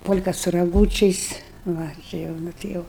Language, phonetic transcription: Lithuanian, ˈpol'ką su raˈgūčiais ˈva ˈči jau ˈnu ti ˈjau

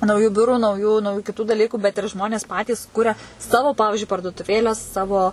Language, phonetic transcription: Lithuanian, nauˈjų ˈbiurų nauˈjų nauˈjų kiˈtų daˈlykų bet ir ˈžmonės ˈpatys ˈkuria ˈsavo ˈpavižiui parduotuˈvėlę ˈsavo

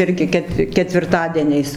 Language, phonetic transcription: Lithuanian, ˈirgi ˈket ketvirˈtadieniais

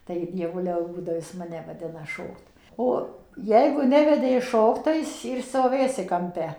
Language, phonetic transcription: Lithuanian, tai dieˈvuliau ˈbūdo ˈjis maˈne vaˈdina ˈšokt ˈo ˈjeigu ˈnevedė jis ˈšokt tai ˈaisi ir stoˈvėsi kamˈpe

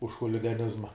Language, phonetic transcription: Lithuanian, už chuligaˈnizma

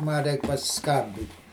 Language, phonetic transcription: Lithuanian, ˈma ˈreik pasiˈskambit'

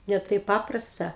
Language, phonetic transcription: Lithuanian, ne ˈtaip ˈpaprasta

